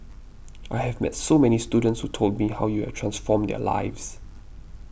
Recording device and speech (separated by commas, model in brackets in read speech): boundary microphone (BM630), read sentence